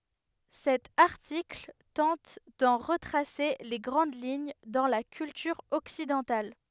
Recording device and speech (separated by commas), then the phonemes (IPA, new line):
headset microphone, read sentence
sɛt aʁtikl tɑ̃t dɑ̃ ʁətʁase le ɡʁɑ̃d liɲ dɑ̃ la kyltyʁ ɔksidɑ̃tal